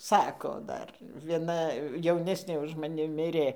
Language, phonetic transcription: Lithuanian, ˈsako ˈdar vieˈna jauˈnesnė už maˈni ˈmirė

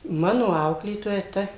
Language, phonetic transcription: Lithuanian, ˈmano ˈauklėtoja ˈta

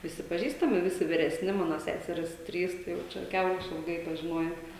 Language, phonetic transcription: Lithuanian, viˈsi paˈžįstami ˈvisi vireˈsni ˈmano ˈseserys ˈtrys tai jau ˈčia ˈkiaurai išilˈgai pažiˈnoja

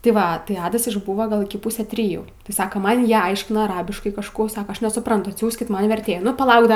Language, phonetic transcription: Lithuanian, ti ˈva tai ˈadas išˈbūva ˈgal iki ˈpusę triˈjų ti ˈsaka ˈman ˈjie ˈaiškina aˈrabiškai kažˈkų ˈsaka ˈaš nesuˈprantu atˈsiųskit ˈman verˈtėju nu paˈlauk ˈda

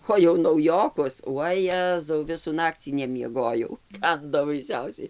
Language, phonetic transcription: Lithuanian, o jau nauˈjokus vaˈjezau ˈvisų ˈnakcį nemieˈgojau ˈkando baiˈsiausiai

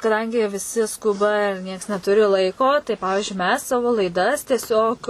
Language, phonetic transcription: Lithuanian, kaˈdangi viˈsi ˈskuba ir ˈnieks neˈturi ˈlaiko tai ˈpavižiui mes ˈsavo laiˈdas tieˈsiog

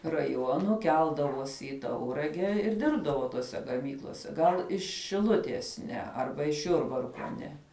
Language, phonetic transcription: Lithuanian, raˈjuonu ˈkeldavosi i ˈtaurage ir ˈdirbdavo toˈse gaˈmyklose ˈgal iš šiˈluties ˈne ˈarba iš ˈjurbarko ˈne

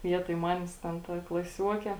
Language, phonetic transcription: Lithuanian, ˈvietoj ˈmanės ˈten ˈta klaˈsiuokė

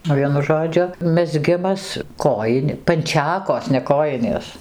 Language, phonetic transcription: Lithuanian, ˈvienu ˈžodžiu mezˈgimas ˈkojin' panˈčekos ne koˈjinės

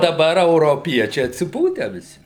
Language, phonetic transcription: Lithuanian, daˈbar euroˈpiečiai atsiˈpūtę viˈsi

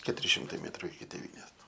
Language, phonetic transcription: Lithuanian, ketuˈri šimˈtai ˈmėtru iki tėˈvynės

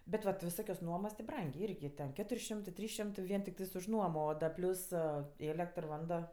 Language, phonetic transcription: Lithuanian, bet ˈva ti viˈsokios ˈnuomos ti ˈbrangė ˈirgi ten ˈketur' ˈšimtɜ ˈtrys ˈšimtɜ ˈvien tikˈtɜs už ˈnuomo o ˈda ˈplius ˈėlektr ˈvando

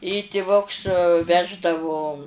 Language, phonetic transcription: Lithuanian, i tiˈvuks ˈveždavu

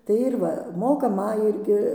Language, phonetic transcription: Lithuanian, tai ir ˈva ˈmoka ˈma ˈirgi

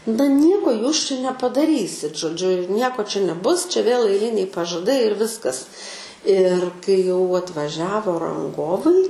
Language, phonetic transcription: Lithuanian, na ˈnieko ˈjūs čia nepadaˈrysit žoˈdžiu ir ˈnieko čia neˈbus čia vėl aiˈliniai pažaˈdai ir ˈviskas ir kai jau atvaˈžiavo ranˈgovai

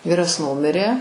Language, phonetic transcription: Lithuanian, ˈvyras ˈnumirė

